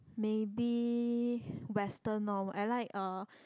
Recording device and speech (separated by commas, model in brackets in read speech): close-talking microphone, conversation in the same room